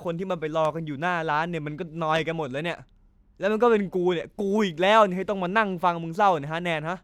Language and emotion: Thai, frustrated